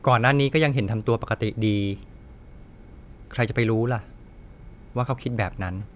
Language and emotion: Thai, frustrated